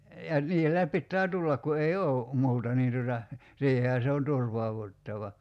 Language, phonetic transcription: Finnish, ja , 'niihä (sillä) 'pittää 'tullak ku ei "oo̭ , 'mu̬uta niin tuta , 'siihehä se on "turvauvuttava .
- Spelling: ja niinhän sillä pitää tulla kun ei ole muuta niin tuota siihenhän se on turvauduttava

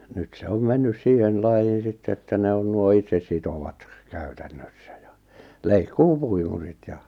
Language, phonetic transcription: Finnish, nyt se 'om 'mennys 'siihen lajjiin̬ 'sitte että ne on nuo 'itsessitowat , 'kᴀ̈ʏtᴀ̈ɴɴössᴀ̈ ᴊᴀ , "leikkuu-'puimurit ja ,.
- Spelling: nyt se on mennyt siihen lajiin sitten että ne on nuo itsesitovat käytännössä ja leikkuupuimurit ja

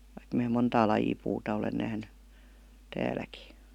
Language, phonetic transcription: Finnish, vaik mää 'montaa lajii puuta olen 'nähny , 'tääläki .
- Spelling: vaikka minä montaa lajia puuta olen nähnyt täälläkin

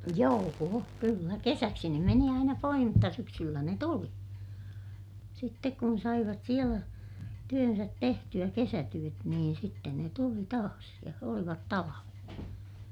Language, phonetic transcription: Finnish, joo₍o kyllä - kesäksi ne meni aina poih mutta syksyllä ne tuli , sittek kun saivat sielä , työnsät tehty₍ä - kesätyöt -niin sitten ne tuli taas , ja olivat talaven .
- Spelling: joo kyllä kesäksi ne meni aina pois mutta syksyllä ne tuli sitten kun saivat siellä työnsä tehtyä kesätyöt niin sitten ne tuli taas ja olivat talven

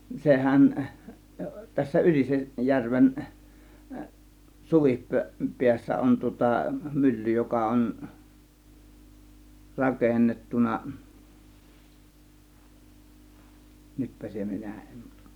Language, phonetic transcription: Finnish, 'sehän , 'tässä "Yliseˀ , järven , 'suvip'-peässä 'on tŭŏta "mylly 'joka 'on , "rakennettuna , 'nytpä se 'minä 'en .
- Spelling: sehän tässä Ylisen järven suvipäässä on tuota mylly joka on rakennettu nytpä se minä en

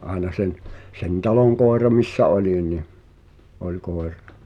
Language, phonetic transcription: Finnish, aena 'sen , sen "taloŋ 'kòera missä 'olini , 'oĺ 'koer̆ᴀ .
- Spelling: aina sen sen talon koira missä olin oli koira

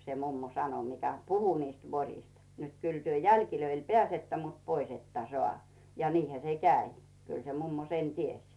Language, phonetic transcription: Finnish, se 'mummo "sano mikä "puhu niist 'voŕist nᵊt » 'kyl työ "jälkilöil 'peä̀settä mut "pois ‿että 'soà « ja 'niihä se "käi , kyl se 'mummo sen "ties .
- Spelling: se mummo sanoi mikä puhui niistä voroista niin että kyllä te jäljille pääsette mutta pois ette saa ja niinhän se kävi kyllä se mummo sen tiesi

